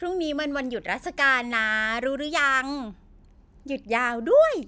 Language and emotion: Thai, happy